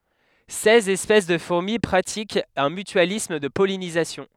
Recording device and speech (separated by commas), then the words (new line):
headset microphone, read sentence
Seize espèces de fourmis pratiquent un mutualisme de pollinisation.